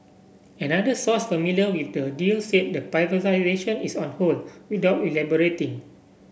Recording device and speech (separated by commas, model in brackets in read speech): boundary microphone (BM630), read sentence